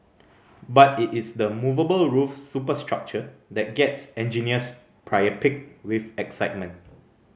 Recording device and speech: mobile phone (Samsung C5010), read sentence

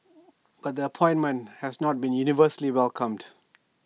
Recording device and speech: mobile phone (iPhone 6), read sentence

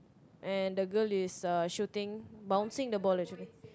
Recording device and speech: close-talking microphone, conversation in the same room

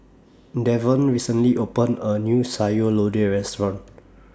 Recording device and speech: standing microphone (AKG C214), read sentence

